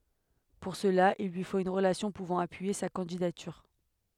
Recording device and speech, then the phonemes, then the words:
headset microphone, read sentence
puʁ səla il lyi fot yn ʁəlasjɔ̃ puvɑ̃ apyije sa kɑ̃didatyʁ
Pour cela, il lui faut une relation pouvant appuyer sa candidature.

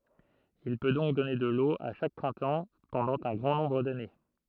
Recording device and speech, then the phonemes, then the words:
throat microphone, read sentence
il pø dɔ̃k dɔne də lo a ʃak pʁɛ̃tɑ̃ pɑ̃dɑ̃ œ̃ ɡʁɑ̃ nɔ̃bʁ dane
Il peut donc donner de l'eau à chaque printemps pendant un grand nombre d'années.

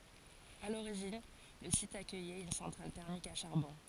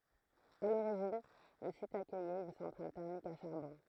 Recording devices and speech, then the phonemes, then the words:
forehead accelerometer, throat microphone, read sentence
a loʁiʒin lə sit akœjɛt yn sɑ̃tʁal tɛʁmik a ʃaʁbɔ̃
À l'origine, le site accueillait une centrale thermique à charbon.

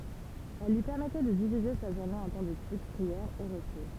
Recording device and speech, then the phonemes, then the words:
temple vibration pickup, read sentence
ɛl lyi pɛʁmɛtɛ də divize sa ʒuʁne ɑ̃ tɑ̃ detyd pʁiɛʁ e ʁəpo
Elles lui permettaient de diviser sa journée en temps d'étude, prière et repos.

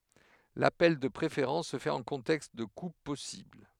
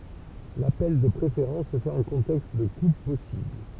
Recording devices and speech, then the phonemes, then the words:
headset microphone, temple vibration pickup, read sentence
lapɛl də pʁefeʁɑ̃s sə fɛt ɑ̃ kɔ̃tɛkst də kup pɔsibl
L'appel de préférence se fait en contexte de coupe possible.

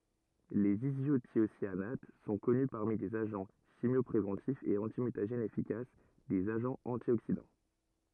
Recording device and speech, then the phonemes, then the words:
rigid in-ear microphone, read sentence
lez izotjosjanat sɔ̃ kɔny paʁmi dez aʒɑ̃ ʃimjɔpʁevɑ̃tifz e ɑ̃timytaʒɛnz efikas dez aʒɑ̃z ɑ̃tjoksidɑ̃
Les isothiocyanates sont connus parmi des agents chimiopréventifs et antimutagènes efficaces, des agents antioxydants.

